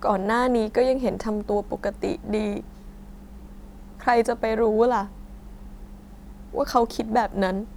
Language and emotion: Thai, sad